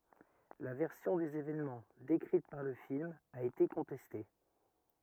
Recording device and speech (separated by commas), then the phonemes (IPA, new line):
rigid in-ear microphone, read sentence
la vɛʁsjɔ̃ dez evɛnmɑ̃ dekʁit paʁ lə film a ete kɔ̃tɛste